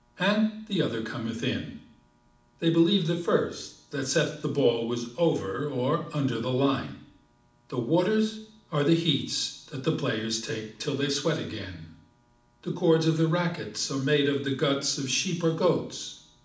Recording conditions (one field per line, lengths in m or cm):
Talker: one person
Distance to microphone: 2.0 m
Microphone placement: close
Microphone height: 99 cm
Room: medium-sized (5.7 m by 4.0 m)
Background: none